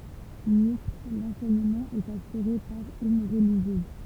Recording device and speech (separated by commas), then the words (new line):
temple vibration pickup, read sentence
Mixte, l'enseignement est assuré par une religieuse.